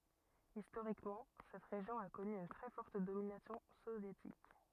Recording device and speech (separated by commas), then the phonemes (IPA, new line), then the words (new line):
rigid in-ear microphone, read sentence
istoʁikmɑ̃ sɛt ʁeʒjɔ̃ a kɔny yn tʁɛ fɔʁt dominasjɔ̃ sovjetik
Historiquement, cette région a connu une très forte domination soviétique.